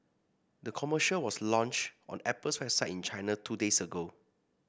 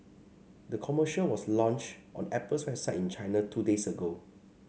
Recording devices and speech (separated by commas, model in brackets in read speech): boundary microphone (BM630), mobile phone (Samsung C5), read sentence